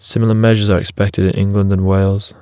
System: none